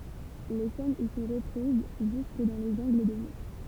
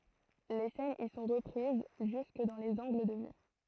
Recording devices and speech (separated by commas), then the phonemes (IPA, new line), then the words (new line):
temple vibration pickup, throat microphone, read sentence
le sɛnz i sɔ̃ ʁəpʁiz ʒysk dɑ̃ lez ɑ̃ɡl də vy
Les scènes y sont reprises jusque dans les angles de vue.